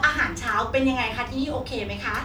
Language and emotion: Thai, happy